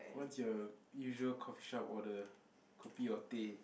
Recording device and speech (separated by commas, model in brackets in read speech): boundary microphone, conversation in the same room